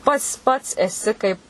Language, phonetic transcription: Lithuanian, ˈpats ˈpats eˈsi kaip

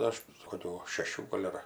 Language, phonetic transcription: Lithuanian, ˈaš koˈkių šeˈšių ˈgol' ar

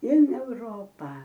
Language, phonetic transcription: Lithuanian, in euˈropą

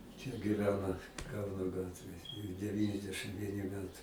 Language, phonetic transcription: Lithuanian, čia giˈvena ˈkauno ˈgatvėj deˈvyniasdešɨm ˈvieni ˈmetai

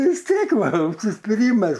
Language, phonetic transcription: Lithuanian, vis ˈtiek ˈva užsispiˈrymas

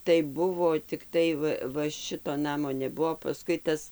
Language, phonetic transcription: Lithuanian, tai ˈbuvo tikˈtai va va ˈšito ˈnamo neˈbuvo paˈskui ˈtas

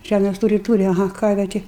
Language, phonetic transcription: Lithuanian, ˈžæmės ˈtūri ˈtūri aˈha ˈkarve ˈti

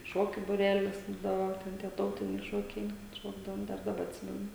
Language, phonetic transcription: Lithuanian, ˈšokiu buˈrelis ˈbūdavo ˈten tie ˈtautiniai šokiai kad ˈšokdavom ˈdar daˈba atˈsimenu

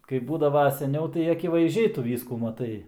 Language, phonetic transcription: Lithuanian, kaip ˈbūdava seˈniau tai akivaizˈdžiai ˈtu ˈvyskų maˈtai

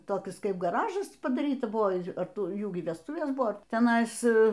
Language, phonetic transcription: Lithuanian, toˈkis ˈkaip gaˈražas padaˈryta ˈbuvo ˈar ˈtu ˈjų y vesˈtuvės ˈbuvo teˈnais

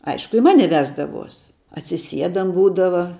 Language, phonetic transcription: Lithuanian, ˈaišku i ˈmane ˈvesdavuos atsiˈsiedam ˈbūdava

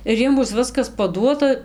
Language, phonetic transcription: Lithuanian, ir ˈjiem ˈbus ˈviskas paˈduota

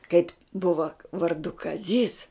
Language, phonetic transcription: Lithuanian, kaip' ˈbuva varˈdu kaˈzys

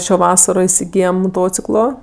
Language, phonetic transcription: Lithuanian, ˈšio ˈvasaro isiˈgyjem moˈtociklo

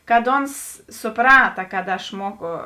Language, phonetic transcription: Lithuanian, kad ˈons suˈprata kad aš ˈmuoku

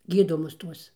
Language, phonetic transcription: Lithuanian, ˈgydomus ˈtuos

